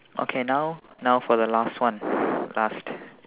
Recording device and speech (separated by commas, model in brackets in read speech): telephone, conversation in separate rooms